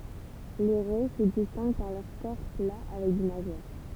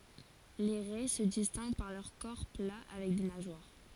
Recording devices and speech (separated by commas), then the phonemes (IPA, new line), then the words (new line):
temple vibration pickup, forehead accelerometer, read sentence
le ʁɛ sə distɛ̃ɡ paʁ lœʁ kɔʁ pla avɛk de naʒwaʁ
Les raies se distinguent par leur corps plat avec des nageoires.